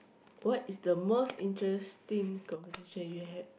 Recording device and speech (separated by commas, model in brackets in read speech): boundary microphone, conversation in the same room